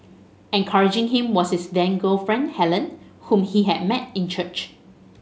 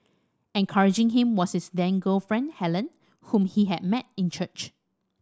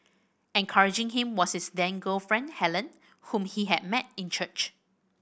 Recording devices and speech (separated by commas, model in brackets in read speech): mobile phone (Samsung S8), standing microphone (AKG C214), boundary microphone (BM630), read sentence